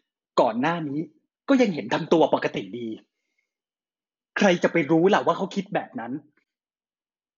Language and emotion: Thai, frustrated